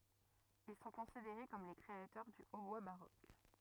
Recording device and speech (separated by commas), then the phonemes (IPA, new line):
rigid in-ear microphone, read sentence
il sɔ̃ kɔ̃sideʁe kɔm le kʁeatœʁ dy otbwa baʁok